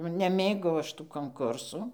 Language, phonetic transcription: Lithuanian, nu neˈmėgau ˈaš tų konˈkursų

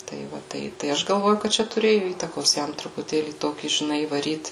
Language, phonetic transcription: Lithuanian, tai ˈva ˈtai tai ˈaš galˈvoju kad ˈčia tuˈrėju ˈįtakos ˈjam trupuˈtėlį ˈtokį žiˈnai įvaˈryt

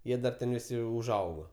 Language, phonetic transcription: Lithuanian, ˈjie dar ˈten viˈsi užˈaugo

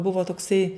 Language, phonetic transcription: Lithuanian, ˈbuvo tokˈsai

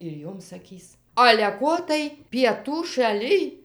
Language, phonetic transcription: Lithuanian, ir ˈjom saˈkys ale ˈko tai pieˈtų šaˈlij

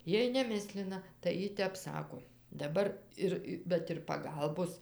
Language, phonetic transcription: Lithuanian, ˈjiej neˈmislina tai ˈji ˈtep ˈsako daˈbar ˈir ˈbet ir paˈgalbos

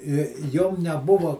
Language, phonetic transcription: Lithuanian, i ˈjom neˈbuva

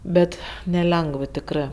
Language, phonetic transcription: Lithuanian, ˈbet neˈlengv tikˈrɜ

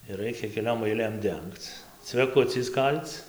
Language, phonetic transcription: Lithuanian, ir ˈraikia keˈliom aiˈlėm ˈdengc cveˈkuciais ˈkal'c

